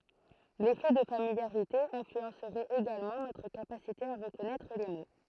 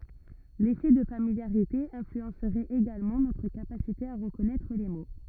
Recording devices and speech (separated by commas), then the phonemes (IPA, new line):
throat microphone, rigid in-ear microphone, read sentence
lefɛ də familjaʁite ɛ̃flyɑ̃sʁɛt eɡalmɑ̃ notʁ kapasite a ʁəkɔnɛtʁ le mo